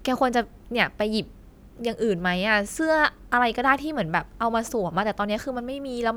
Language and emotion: Thai, frustrated